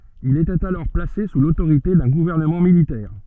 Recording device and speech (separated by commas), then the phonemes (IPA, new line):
soft in-ear microphone, read sentence
il etɛt alɔʁ plase su lotoʁite dœ̃ ɡuvɛʁnəmɑ̃ militɛʁ